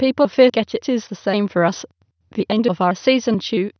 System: TTS, waveform concatenation